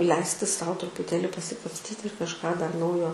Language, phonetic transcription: Lithuanian, ˈleisti ˈsau trupuˈtėli pasikapsˈtyti ir kažˈką dar ˈnaujo

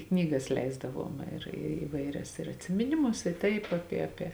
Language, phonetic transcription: Lithuanian, ˈknyˌgas ˈleisdaˌvuom ir i iˈvaiˌrias ir atsimiˈnimus i ˈtaip ˈapie ˈapie

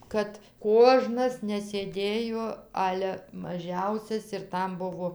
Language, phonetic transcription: Lithuanian, ˈkad ˈkožnas nesėˈdėjo ˈale maˈžiausias ir ˈtam ˈbuvo

